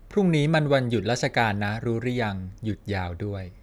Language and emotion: Thai, neutral